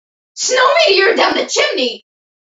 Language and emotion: English, surprised